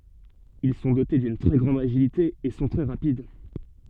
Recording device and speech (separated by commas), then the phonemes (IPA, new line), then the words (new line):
soft in-ear microphone, read sentence
il sɔ̃ dote dyn tʁɛ ɡʁɑ̃d aʒilite e sɔ̃ tʁɛ ʁapid
Ils sont dotés d'une très grande agilité et sont très rapides.